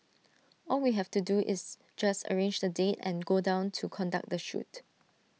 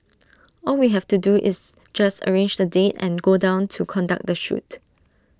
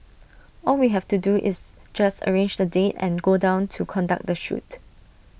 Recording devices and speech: mobile phone (iPhone 6), standing microphone (AKG C214), boundary microphone (BM630), read sentence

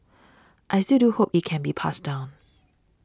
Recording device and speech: standing microphone (AKG C214), read sentence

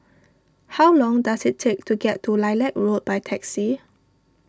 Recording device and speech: standing microphone (AKG C214), read sentence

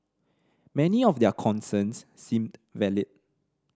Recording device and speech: standing microphone (AKG C214), read sentence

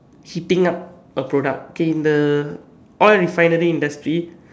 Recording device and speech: standing microphone, conversation in separate rooms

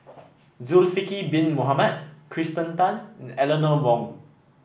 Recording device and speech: boundary microphone (BM630), read sentence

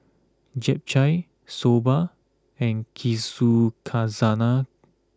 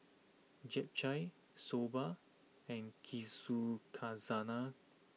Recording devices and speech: close-talking microphone (WH20), mobile phone (iPhone 6), read sentence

